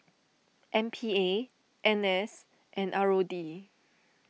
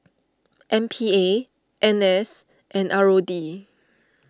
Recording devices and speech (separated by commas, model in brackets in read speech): mobile phone (iPhone 6), standing microphone (AKG C214), read sentence